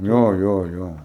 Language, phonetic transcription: Lithuanian, ˈjo ˈjo ˈjo

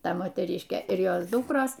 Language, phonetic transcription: Lithuanian, ˈta moteˈryškė ir ˈjos ˈdukros

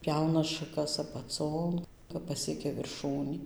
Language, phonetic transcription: Lithuanian, ˈpjauna šaˈkas apaˈcon kap paˈsiekia virˈšūnį

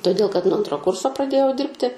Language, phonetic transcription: Lithuanian, toˈdėl kad nuo ˈantro ˈkurso praˈdėjau ˈdirbti

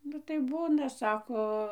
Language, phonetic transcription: Lithuanian, nu tai ˈbūna ˈsako

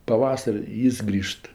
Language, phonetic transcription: Lithuanian, paˈvasar' i ˈjis ˈgrįžt

